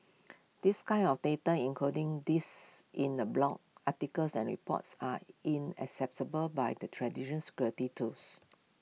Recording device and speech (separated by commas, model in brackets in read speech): mobile phone (iPhone 6), read sentence